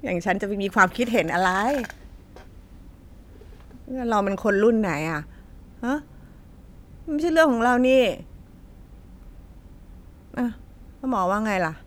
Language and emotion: Thai, frustrated